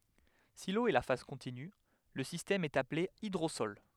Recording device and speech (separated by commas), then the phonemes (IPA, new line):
headset microphone, read sentence
si lo ɛ la faz kɔ̃tiny lə sistɛm ɛt aple idʁosɔl